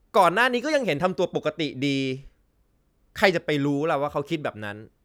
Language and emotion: Thai, frustrated